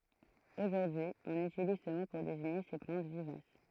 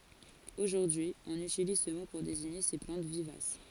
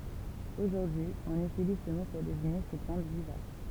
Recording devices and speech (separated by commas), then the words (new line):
throat microphone, forehead accelerometer, temple vibration pickup, read sentence
Aujourd'hui, on utilise ce mot pour désigner ces plantes vivaces.